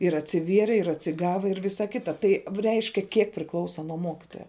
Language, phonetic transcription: Lithuanian, ir atsiˈvieri ir atsiˈgava ir ˈvisa ˈkita tai v ˈreiškia ˈkiek priˈklausa nuo ˈmokitoja

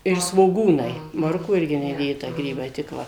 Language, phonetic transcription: Lithuanian, ir svoˈgūnai ˈmorkų ˈirgi neˈdėta ˈgrybai tik ˈva

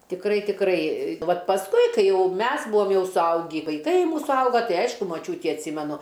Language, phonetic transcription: Lithuanian, tikˈrai tikˈrai ˈvat pasˈkui ˈkai ˈjau ˈmes ˈbuom ˈjau suˈaugį vaiˈkai ˈmūsu ˈauga ˈtai ˈaišku maˈčiūtį atˈsymenu

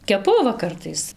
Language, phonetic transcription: Lithuanian, keˈpu ˈva ˈkartais

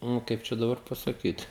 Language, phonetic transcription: Lithuanian, ˈnu ˈkaip čia daˈbar pasaˈkyt

